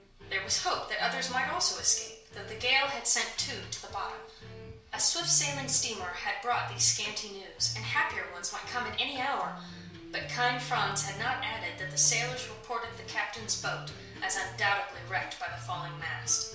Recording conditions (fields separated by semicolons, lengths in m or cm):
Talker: one person; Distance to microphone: 1.0 m; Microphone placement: close; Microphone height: 1.1 m; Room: small (3.7 m by 2.7 m); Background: music